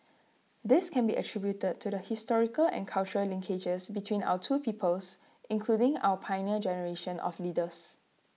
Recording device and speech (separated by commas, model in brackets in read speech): mobile phone (iPhone 6), read sentence